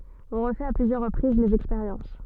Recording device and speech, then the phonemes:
soft in-ear microphone, read sentence
ɔ̃ ʁəfɛt a plyzjœʁ ʁəpʁiz lez ɛkspeʁjɑ̃s

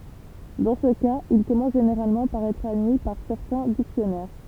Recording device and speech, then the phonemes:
temple vibration pickup, read sentence
dɑ̃ sə kaz il kɔmɑ̃s ʒeneʁalmɑ̃ paʁ ɛtʁ admi paʁ sɛʁtɛ̃ diksjɔnɛʁ

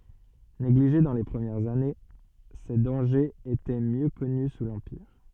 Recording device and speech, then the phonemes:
soft in-ear microphone, read sentence
neɡliʒe dɑ̃ le pʁəmjɛʁz ane se dɑ̃ʒez etɛ mjø kɔny su lɑ̃piʁ

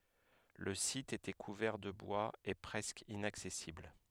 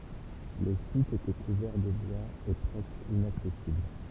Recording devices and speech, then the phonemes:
headset microphone, temple vibration pickup, read sentence
lə sit etɛ kuvɛʁ də bwaz e pʁɛskə inaksɛsibl

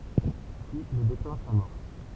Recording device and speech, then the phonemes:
temple vibration pickup, read sentence
pyi lə deklɛ̃ samɔʁs

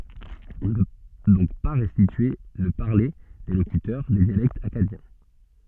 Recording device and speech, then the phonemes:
soft in-ear microphone, read sentence
ɔ̃ nə pø dɔ̃k pa ʁɛstitye lə paʁle de lokytœʁ de djalɛktz akkadjɛ̃

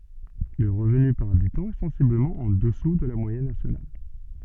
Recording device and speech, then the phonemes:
soft in-ear microphone, read sentence
lə ʁəvny paʁ abitɑ̃ ɛ sɑ̃sibləmɑ̃ ɑ̃ dəsu də la mwajɛn nasjonal

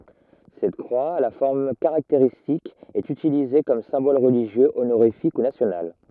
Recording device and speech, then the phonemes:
rigid in-ear microphone, read sentence
sɛt kʁwa a la fɔʁm kaʁakteʁistik ɛt ytilize kɔm sɛ̃bɔl ʁəliʒjø onoʁifik u nasjonal

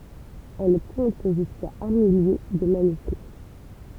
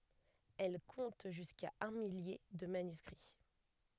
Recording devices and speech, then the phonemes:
temple vibration pickup, headset microphone, read sentence
ɛl kɔ̃t ʒyska œ̃ milje də manyskʁi

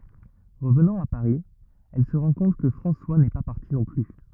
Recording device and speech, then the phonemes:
rigid in-ear microphone, read sentence
ʁəvnɑ̃ a paʁi ɛl sə ʁɑ̃ kɔ̃t kə fʁɑ̃swa nɛ pa paʁti nɔ̃ ply

